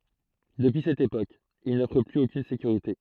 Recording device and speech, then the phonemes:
throat microphone, read sentence
dəpyi sɛt epok il nɔfʁ plyz okyn sekyʁite

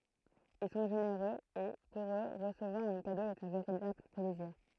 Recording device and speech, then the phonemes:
throat microphone, read sentence
il sɔ̃ ʒeneʁøz e puʁ ø ʁəsəvwaʁ œ̃ kado ɛt œ̃ veʁitabl plɛziʁ

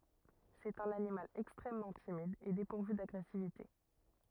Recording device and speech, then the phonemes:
rigid in-ear microphone, read sentence
sɛt œ̃n animal ɛkstʁɛmmɑ̃ timid e depuʁvy daɡʁɛsivite

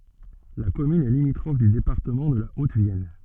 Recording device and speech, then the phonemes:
soft in-ear microphone, read sentence
la kɔmyn ɛ limitʁɔf dy depaʁtəmɑ̃ də la otəvjɛn

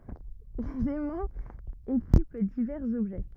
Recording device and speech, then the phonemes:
rigid in-ear microphone, read sentence
lez ɛmɑ̃z ekip divɛʁz ɔbʒɛ

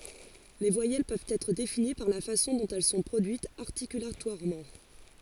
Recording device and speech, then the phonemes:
forehead accelerometer, read sentence
le vwajɛl pøvt ɛtʁ defini paʁ la fasɔ̃ dɔ̃t ɛl sɔ̃ pʁodyitz aʁtikylatwaʁmɑ̃

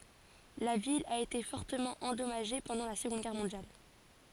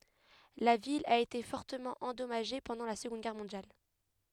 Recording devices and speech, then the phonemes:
forehead accelerometer, headset microphone, read sentence
la vil a ete fɔʁtəmɑ̃ ɑ̃dɔmaʒe pɑ̃dɑ̃ la səɡɔ̃d ɡɛʁ mɔ̃djal

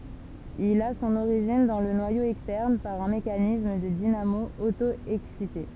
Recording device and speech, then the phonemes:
temple vibration pickup, read sentence
il a sɔ̃n oʁiʒin dɑ̃ lə nwajo ɛkstɛʁn paʁ œ̃ mekanism də dinamo oto ɛksite

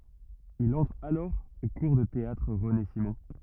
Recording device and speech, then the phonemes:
rigid in-ear microphone, read sentence
il ɑ̃tʁ alɔʁ o kuʁ də teatʁ ʁəne simɔ̃

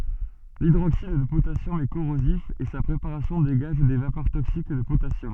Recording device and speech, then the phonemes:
soft in-ear microphone, read sentence
lidʁoksid də potasjɔm ɛ koʁozif e sa pʁepaʁasjɔ̃ deɡaʒ de vapœʁ toksik də potasjɔm

